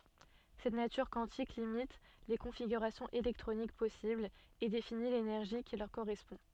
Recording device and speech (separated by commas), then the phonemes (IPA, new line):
soft in-ear microphone, read sentence
sɛt natyʁ kwɑ̃tik limit le kɔ̃fiɡyʁasjɔ̃z elɛktʁonik pɔsiblz e defini lenɛʁʒi ki lœʁ koʁɛspɔ̃